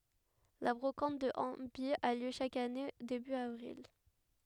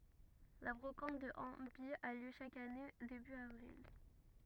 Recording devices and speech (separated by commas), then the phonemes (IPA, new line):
headset microphone, rigid in-ear microphone, read sentence
la bʁokɑ̃t də ɑ̃baj a ljø ʃak ane deby avʁil